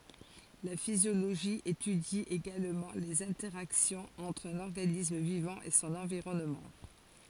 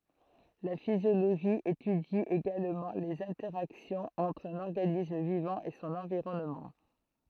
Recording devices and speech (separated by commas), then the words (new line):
forehead accelerometer, throat microphone, read sentence
La physiologie étudie également les interactions entre un organisme vivant et son environnement.